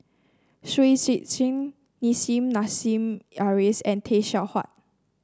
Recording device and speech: standing microphone (AKG C214), read sentence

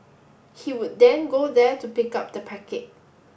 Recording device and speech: boundary microphone (BM630), read sentence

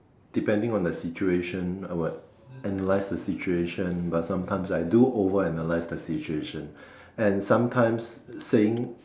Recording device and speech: standing microphone, conversation in separate rooms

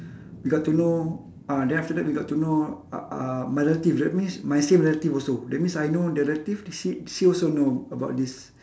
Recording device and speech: standing microphone, conversation in separate rooms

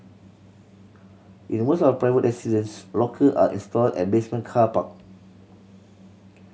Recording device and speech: mobile phone (Samsung C7100), read sentence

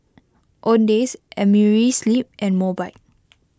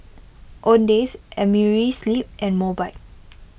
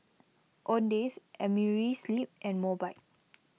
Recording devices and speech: close-talking microphone (WH20), boundary microphone (BM630), mobile phone (iPhone 6), read sentence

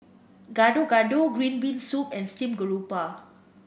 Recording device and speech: boundary microphone (BM630), read sentence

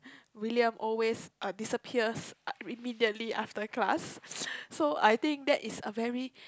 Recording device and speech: close-talking microphone, conversation in the same room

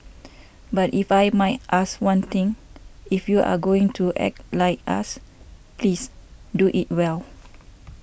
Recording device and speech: boundary microphone (BM630), read sentence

